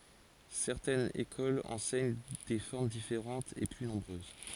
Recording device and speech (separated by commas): forehead accelerometer, read sentence